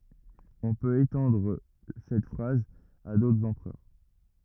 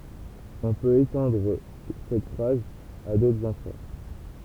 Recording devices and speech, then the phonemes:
rigid in-ear microphone, temple vibration pickup, read sentence
ɔ̃ pøt etɑ̃dʁ sɛt fʁaz a dotʁz ɑ̃pʁœʁ

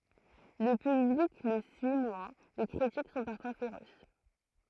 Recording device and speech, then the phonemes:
throat microphone, read sentence
lə pyblik lə syi mwɛ̃ le kʁitik sɔ̃ paʁfwa feʁos

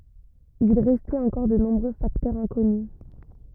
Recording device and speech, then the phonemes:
rigid in-ear microphone, read sentence
il ʁɛstɛt ɑ̃kɔʁ də nɔ̃bʁø faktœʁz ɛ̃kɔny

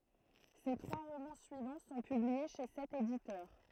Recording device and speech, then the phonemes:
throat microphone, read sentence
se tʁwa ʁomɑ̃ syivɑ̃ sɔ̃ pyblie ʃe sɛt editœʁ

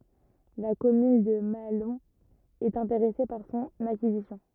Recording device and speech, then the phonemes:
rigid in-ear microphone, read sentence
la kɔmyn də maalɔ̃ ɛt ɛ̃teʁɛse paʁ sɔ̃n akizisjɔ̃

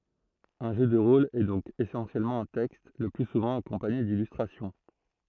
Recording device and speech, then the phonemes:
throat microphone, read sentence
œ̃ ʒø də ʁol ɛ dɔ̃k esɑ̃sjɛlmɑ̃ œ̃ tɛkst lə ply suvɑ̃ akɔ̃paɲe dilystʁasjɔ̃

